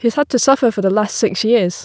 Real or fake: real